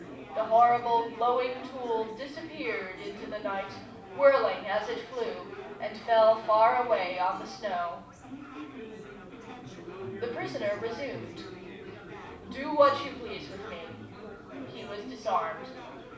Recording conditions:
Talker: one person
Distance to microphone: 5.8 m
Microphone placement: far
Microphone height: 1.8 m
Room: medium-sized (5.7 m by 4.0 m)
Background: babble

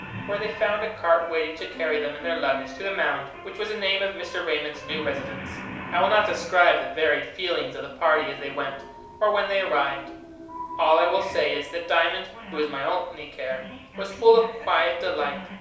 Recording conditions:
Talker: one person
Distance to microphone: 3.0 m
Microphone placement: far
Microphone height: 1.8 m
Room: small (3.7 m by 2.7 m)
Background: television

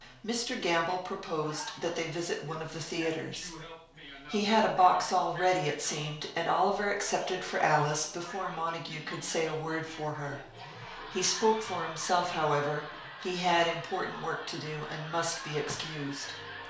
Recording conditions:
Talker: one person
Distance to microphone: 1.0 m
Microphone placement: close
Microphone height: 1.1 m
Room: small (3.7 m by 2.7 m)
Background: television

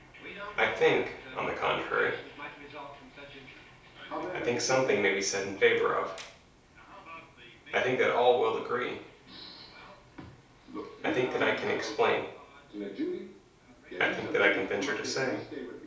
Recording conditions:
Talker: one person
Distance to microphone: 3.0 m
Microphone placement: far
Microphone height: 1.8 m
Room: small (3.7 m by 2.7 m)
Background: television

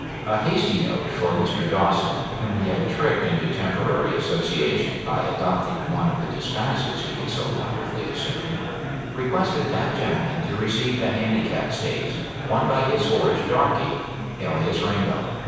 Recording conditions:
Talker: one person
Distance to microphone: 7.1 m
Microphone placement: far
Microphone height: 1.7 m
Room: very reverberant, large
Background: babble

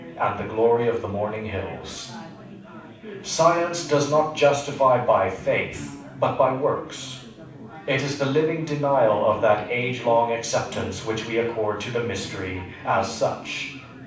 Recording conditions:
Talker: one person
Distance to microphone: 5.8 m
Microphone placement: far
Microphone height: 1.8 m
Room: medium-sized (5.7 m by 4.0 m)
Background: babble

